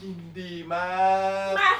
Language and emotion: Thai, happy